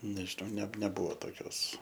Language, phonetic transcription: Lithuanian, nežiˈnau ne neˈbuvo toˈkios

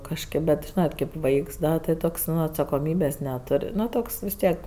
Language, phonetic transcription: Lithuanian, kažˈkėp bet ˈžynat kaip ˈvaiks ˈda ti ˈtoks ˈnu atsakoˈmybės' neˈtor' ˈnu ˈtoks vis ˈtiek

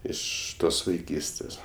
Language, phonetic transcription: Lithuanian, ˈiš ˈtos vaiˈkystės

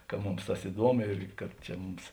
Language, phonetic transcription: Lithuanian, ka ˈmums ˈtas iˈduomu ir kad ˈčia ˈmums

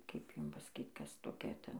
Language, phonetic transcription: Lithuanian, kaip ˈjum pasaˈkyt ˈkas toˈkia ˈten

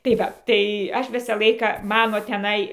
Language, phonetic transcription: Lithuanian, tai ˈva tai ˈaš ˈvisą ˈlaiką ˈmano teˈnai

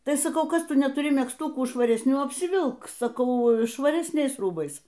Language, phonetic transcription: Lithuanian, ˈtai saˈkau ˈkas ˈtu netuˈri megzˈtukų švaresˈnių apsiˈvilk saˈkau švaresˈniais ˈrūbais

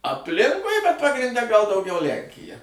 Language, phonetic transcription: Lithuanian, apˈlinkui bet pagrinˈde gal dauˈgiau ˈlenkija

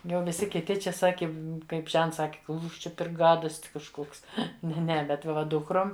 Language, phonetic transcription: Lithuanian, jau viˈsi kiˈti ˈčia ˈsaki ˈkaip ˈžents ˈsaki ˈkūš ˈčia per ˈgadost' kažˈkoks ne ˈne ˈbet va ˈdukrom

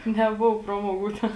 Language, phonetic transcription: Lithuanian, neˈbovo ˈpramoˌgų ˈten

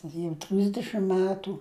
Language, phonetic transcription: Lithuanian, jau ˈtrisdešim ˈmetų

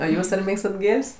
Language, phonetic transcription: Lithuanian, o ˈjūs ar ˈmėgstat ˈgėl's'

